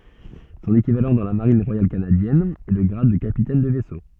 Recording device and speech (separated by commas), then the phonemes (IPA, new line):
soft in-ear microphone, read sentence
sɔ̃n ekivalɑ̃ dɑ̃ la maʁin ʁwajal kanadjɛn ɛ lə ɡʁad də kapitɛn də vɛso